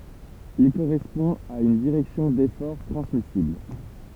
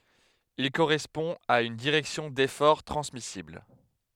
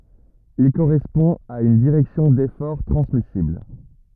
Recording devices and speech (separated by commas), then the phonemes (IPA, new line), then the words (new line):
temple vibration pickup, headset microphone, rigid in-ear microphone, read sentence
il koʁɛspɔ̃ a yn diʁɛksjɔ̃ defɔʁ tʁɑ̃smisibl
Il correspond à une direction d'effort transmissible.